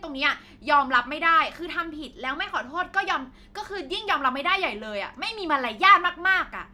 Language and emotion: Thai, angry